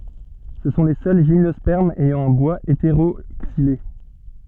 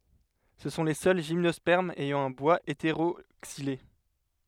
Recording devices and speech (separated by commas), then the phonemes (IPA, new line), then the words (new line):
soft in-ear microphone, headset microphone, read sentence
sə sɔ̃ le sœl ʒimnɔspɛʁmz ɛjɑ̃ œ̃ bwaz eteʁoksile
Ce sont les seuls gymnospermes ayant un bois hétéroxylé.